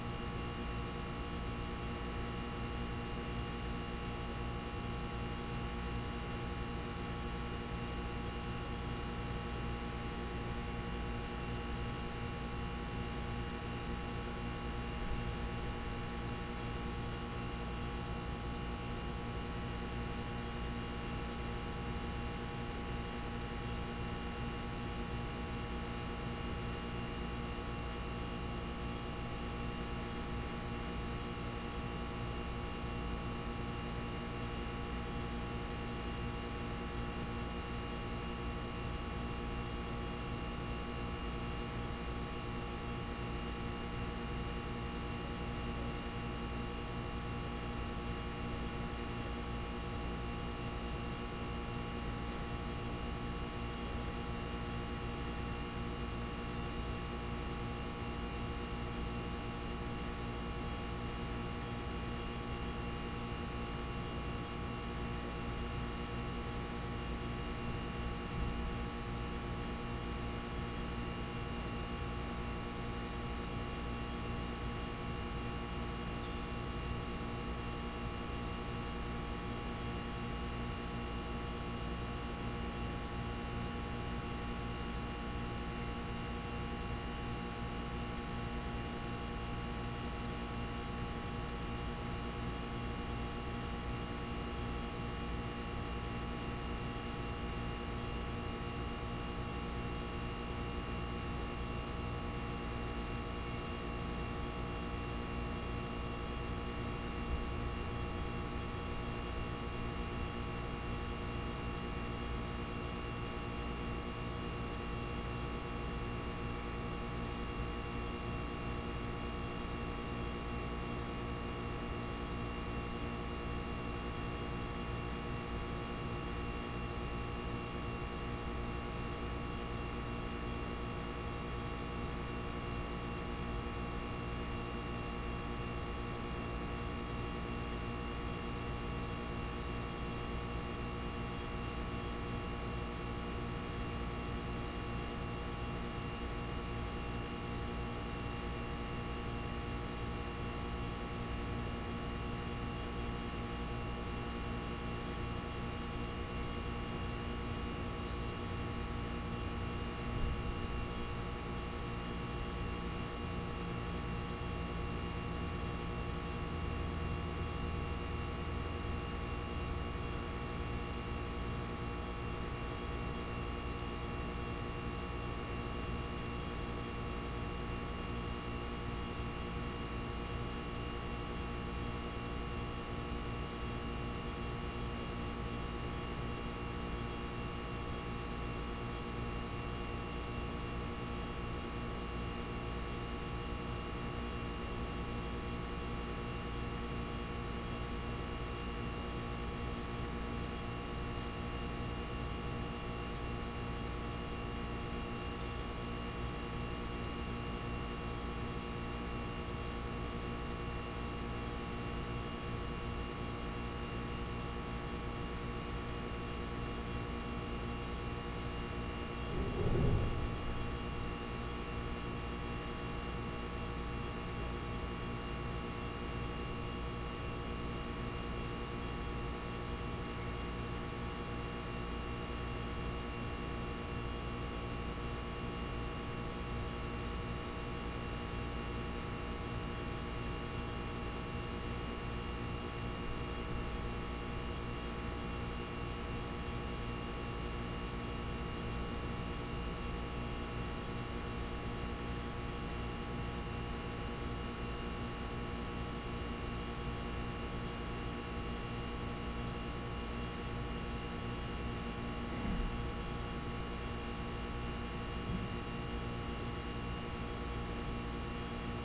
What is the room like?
A big, echoey room.